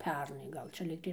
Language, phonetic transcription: Lithuanian, ˈpernai ˈgal čia ˈlygtai

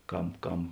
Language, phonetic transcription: Lithuanian, ˈkam ˈkam

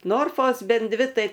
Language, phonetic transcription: Lithuanian, ˈnorfos ˈben ˈdvi ˈtai

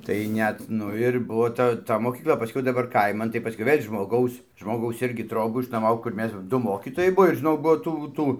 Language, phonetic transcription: Lithuanian, tai ˈnet ˈnu ir ˈbuvo ˈta ˈta mokykˈla paˈskiau daˈbar ˈkaiman tai paˈskiau ˈvėl' žmoˈgaus žmoˈgaus ˈirgi ˈtrobų išnuoˈmau kur ˈmes ˈdu ˈmokytojai ˈbuo ir žiˈnau ˈbuo ˈtų ˈtų

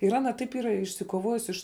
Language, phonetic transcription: Lithuanian, ir ˈana taip ˈyra išsikoˈvojus iš

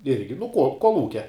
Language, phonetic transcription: Lithuanian, ˈirgi nu ko kolˈūkia

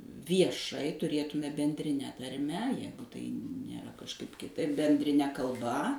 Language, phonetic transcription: Lithuanian, vieˈšai tuˈrėtumėme bendriˈne tarˈme ˈjegu tai nėˈra kažˈkaip kiˈtaip bendriˈne kalˈba

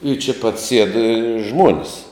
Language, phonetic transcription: Lithuanian, i čia pat sied žmuon's'

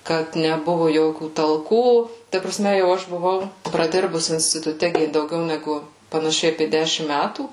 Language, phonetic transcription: Lithuanian, ˈkad neˈbuvu ˈjokių talˈkų ta praˈsme jau ˈaš buˈvau praˈdirbus instituˈte ˈgi dauˈgiau neˈgu panaˈšiai apė ˈdešim ˈmætų

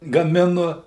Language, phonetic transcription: Lithuanian, gaˈminu

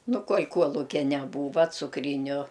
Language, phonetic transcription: Lithuanian, ˈnu ˈkuol' ˈkuolukia neˈbūva cukˈryniu

